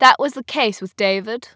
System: none